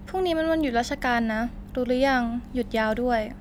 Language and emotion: Thai, neutral